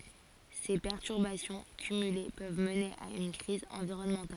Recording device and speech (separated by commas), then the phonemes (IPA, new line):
forehead accelerometer, read sentence
se pɛʁtyʁbasjɔ̃ kymyle pøv məne a yn kʁiz ɑ̃viʁɔnmɑ̃tal